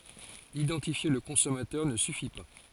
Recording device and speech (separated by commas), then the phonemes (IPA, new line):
forehead accelerometer, read sentence
idɑ̃tifje lə kɔ̃sɔmatœʁ nə syfi pa